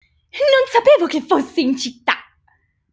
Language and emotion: Italian, happy